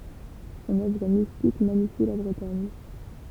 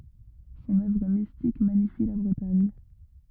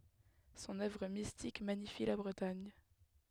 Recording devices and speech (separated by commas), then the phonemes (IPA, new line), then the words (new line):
temple vibration pickup, rigid in-ear microphone, headset microphone, read sentence
sɔ̃n œvʁ mistik maɲifi la bʁətaɲ
Son œuvre mystique magnifie la Bretagne.